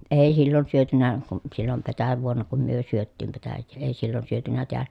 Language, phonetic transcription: Finnish, èi sillon syötynä , kun sillom petä(j)ävuon̆na kum myö syöttiim petäjjee , èi sillon syötynä teälä .
- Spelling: ei silloin syöty kuin silloin petäjävuonna kun me syötiin petäjää ei silloin syöty täällä

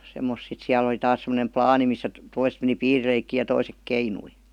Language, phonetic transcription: Finnish, semmos sit 'siäl ‿oli 'taas semmonem "plaani missä t- 'toiset meni "piirileikkii ja 'toisek "keinui .
- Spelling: semmoista sitten siellä oli taas semmoinen laani missä - toiset meni piirileikkiä ja toiset keinui

